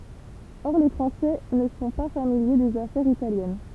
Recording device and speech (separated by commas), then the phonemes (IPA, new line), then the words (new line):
temple vibration pickup, read sentence
ɔʁ le fʁɑ̃sɛ nə sɔ̃ pa familje dez afɛʁz italjɛn
Or les Français ne sont pas familiers des affaires italiennes.